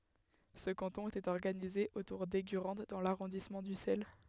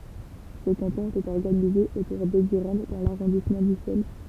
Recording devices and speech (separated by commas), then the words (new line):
headset microphone, temple vibration pickup, read sentence
Ce canton était organisé autour d'Eygurande dans l'arrondissement d'Ussel.